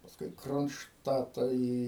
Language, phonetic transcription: Lithuanian, pasˈkui i kronšˈtatą ˈį

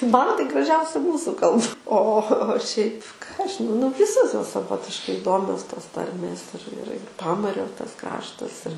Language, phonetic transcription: Lithuanian, ˈman tai graˈžiausi ˈmūsu ˈkalb o o o o šiaip ką ˈaš žiˈnau nu ˈvisos ˈjos saˈvotiškai iˈdomios tos ˈtarmės ir ir ir ˈpamario tas ˈkraštas ir

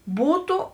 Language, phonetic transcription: Lithuanian, ˈbūtu

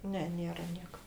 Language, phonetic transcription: Lithuanian, ˈne ˈnėra ˈnieka

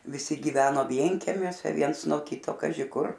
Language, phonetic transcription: Lithuanian, viˈsi giˈveno ˈvienkemiuose ˈviens nuo ˈkyto ˈkaži kur

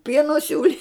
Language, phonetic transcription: Lithuanian, ˈpieno ˈsiūli

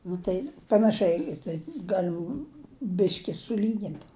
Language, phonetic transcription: Lithuanian, nu ˈtai panaˈšiai tai ˈgalim ˈbiški suˈlygint

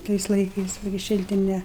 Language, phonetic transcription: Lithuanian, ˈtais laiˈkais ˈva gi ˈšiltine

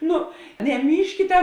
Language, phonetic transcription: Lithuanian, ˈnu neˈmyžkite

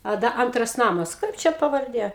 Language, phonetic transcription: Lithuanian, a ˈda ˈantras ˈnamas ˈkaip čia pavarˈdė

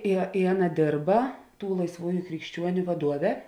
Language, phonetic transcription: Lithuanian, i i ˈaˌna ˈdėrba ˈtų laisˈvųju krikšˈčiuoniu vaˈduove

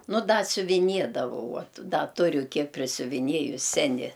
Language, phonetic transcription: Lithuanian, ˈnu ˈda siuviˈniedavau ˈuot ˈda ˈturiu ˈkiek prisiuviˈniejus ˈseni

